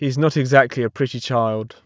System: none